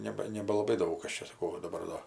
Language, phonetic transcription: Lithuanian, ˈneba nebalaˈbai ˈdaug ˈkas čia saˈkau va daˈbar do

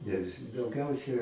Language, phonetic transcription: Lithuanian, nes dauˈgiausia

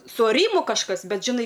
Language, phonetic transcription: Lithuanian, su aˈrymu kažˈkas ˈbet žiˈnai

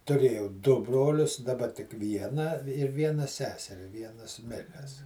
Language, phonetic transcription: Lithuanian, tuˈrėjau du ˈbrolius daˈba tik ˈvieną ir ˈviena ˈseseri ˈvienas ˈmiręs

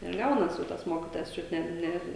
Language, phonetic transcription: Lithuanian, ir ˈgaunas o ˈtas ˈmokytojas ˈčiut ˈne ˈne

